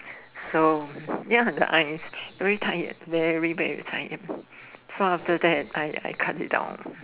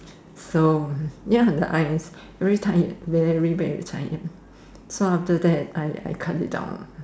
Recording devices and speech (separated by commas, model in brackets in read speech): telephone, standing microphone, conversation in separate rooms